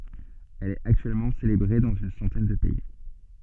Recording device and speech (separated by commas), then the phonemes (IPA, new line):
soft in-ear microphone, read sentence
ɛl ɛt aktyɛlmɑ̃ selebʁe dɑ̃z yn sɑ̃tɛn də pɛi